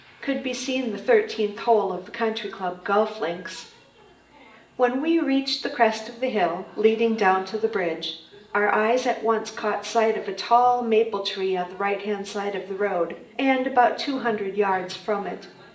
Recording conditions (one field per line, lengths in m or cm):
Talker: one person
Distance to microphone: 1.8 m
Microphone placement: close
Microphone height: 1.0 m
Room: large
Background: television